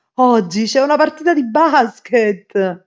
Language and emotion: Italian, happy